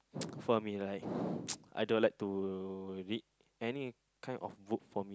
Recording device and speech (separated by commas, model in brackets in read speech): close-talking microphone, conversation in the same room